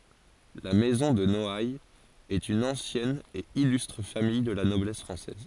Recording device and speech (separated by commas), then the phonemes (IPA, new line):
forehead accelerometer, read sentence
la mɛzɔ̃ də nɔajz ɛt yn ɑ̃sjɛn e ilystʁ famij də la nɔblɛs fʁɑ̃sɛz